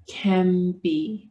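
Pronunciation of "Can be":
In 'can be', the n of 'can' links to the b and sounds like an m.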